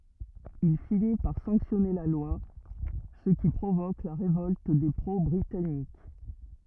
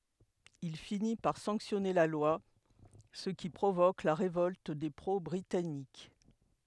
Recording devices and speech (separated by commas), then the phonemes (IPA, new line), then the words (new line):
rigid in-ear microphone, headset microphone, read sentence
il fini paʁ sɑ̃ksjɔne la lwa sə ki pʁovok la ʁevɔlt de pʁo bʁitanik
Il finit par sanctionner la loi, ce qui provoque la révolte des pro-britanniques.